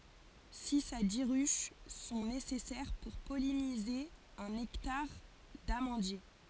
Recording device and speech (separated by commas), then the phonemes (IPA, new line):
forehead accelerometer, read sentence
siz a di ʁyʃ sɔ̃ nesɛsɛʁ puʁ pɔlinize œ̃n ɛktaʁ damɑ̃dje